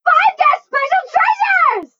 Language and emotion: English, surprised